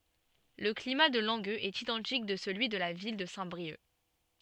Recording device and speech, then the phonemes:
soft in-ear microphone, read sentence
lə klima də lɑ̃ɡøz ɛt idɑ̃tik də səlyi də la vil də sɛ̃tbʁiœk

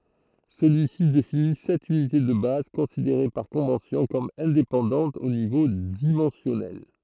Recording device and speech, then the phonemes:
throat microphone, read sentence
səlyisi defini sɛt ynite də baz kɔ̃sideʁe paʁ kɔ̃vɑ̃sjɔ̃ kɔm ɛ̃depɑ̃dɑ̃tz o nivo dimɑ̃sjɔnɛl

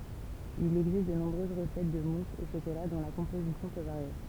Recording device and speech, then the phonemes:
temple vibration pickup, read sentence
il ɛɡzist də nɔ̃bʁøz ʁəsɛt də mus o ʃokola dɔ̃ la kɔ̃pozisjɔ̃ pø vaʁje

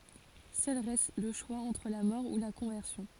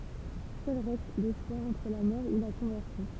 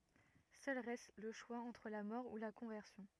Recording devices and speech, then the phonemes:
forehead accelerometer, temple vibration pickup, rigid in-ear microphone, read sentence
sœl ʁɛst lə ʃwa ɑ̃tʁ la mɔʁ u la kɔ̃vɛʁsjɔ̃

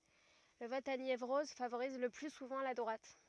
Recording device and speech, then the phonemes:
rigid in-ear microphone, read sentence
lə vɔt a njevʁɔz favoʁiz lə ply suvɑ̃ la dʁwat

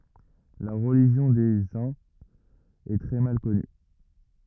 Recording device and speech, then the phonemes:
rigid in-ear microphone, read sentence
la ʁəliʒjɔ̃ de œ̃z ɛ tʁɛ mal kɔny

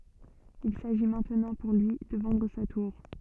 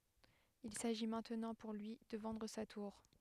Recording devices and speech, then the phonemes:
soft in-ear microphone, headset microphone, read sentence
il saʒi mɛ̃tnɑ̃ puʁ lyi də vɑ̃dʁ sa tuʁ

